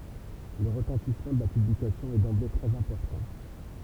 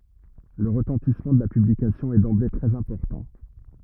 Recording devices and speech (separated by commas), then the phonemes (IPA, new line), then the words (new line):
temple vibration pickup, rigid in-ear microphone, read sentence
lə ʁətɑ̃tismɑ̃ də la pyblikasjɔ̃ ɛ dɑ̃ble tʁɛz ɛ̃pɔʁtɑ̃
Le retentissement de la publication est d'emblée très important.